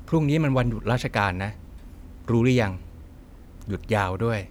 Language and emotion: Thai, neutral